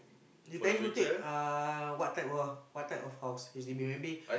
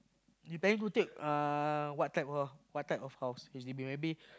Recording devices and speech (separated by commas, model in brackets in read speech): boundary microphone, close-talking microphone, conversation in the same room